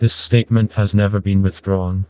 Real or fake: fake